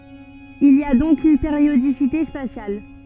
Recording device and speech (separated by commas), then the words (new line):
soft in-ear microphone, read sentence
Il y a donc une périodicité spatiale.